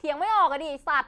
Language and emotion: Thai, angry